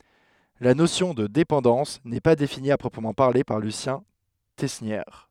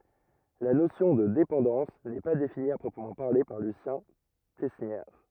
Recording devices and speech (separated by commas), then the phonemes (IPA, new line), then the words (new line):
headset microphone, rigid in-ear microphone, read sentence
la nosjɔ̃ də depɑ̃dɑ̃s nɛ pa defini a pʁɔpʁəmɑ̃ paʁle paʁ lysjɛ̃ tɛsnjɛʁ
La notion de dépendance n'est pas définie à proprement parler par Lucien Tesnière.